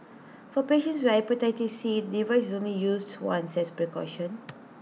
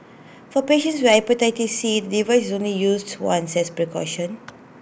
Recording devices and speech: mobile phone (iPhone 6), boundary microphone (BM630), read sentence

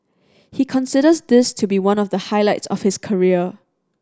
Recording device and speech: standing microphone (AKG C214), read sentence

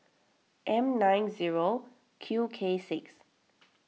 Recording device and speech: mobile phone (iPhone 6), read sentence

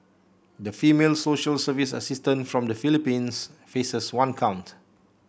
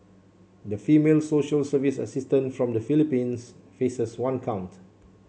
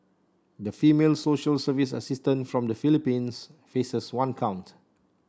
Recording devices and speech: boundary microphone (BM630), mobile phone (Samsung C7), standing microphone (AKG C214), read sentence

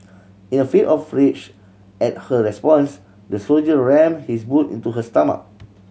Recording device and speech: mobile phone (Samsung C7100), read sentence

